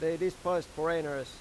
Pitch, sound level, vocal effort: 165 Hz, 94 dB SPL, normal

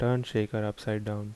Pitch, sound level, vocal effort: 110 Hz, 77 dB SPL, soft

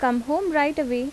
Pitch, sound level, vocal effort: 290 Hz, 83 dB SPL, normal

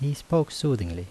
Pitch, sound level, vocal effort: 140 Hz, 77 dB SPL, soft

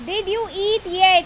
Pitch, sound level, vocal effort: 395 Hz, 95 dB SPL, very loud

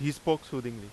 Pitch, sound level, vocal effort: 140 Hz, 90 dB SPL, very loud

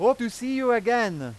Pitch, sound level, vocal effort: 235 Hz, 101 dB SPL, very loud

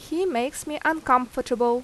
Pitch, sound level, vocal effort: 255 Hz, 85 dB SPL, loud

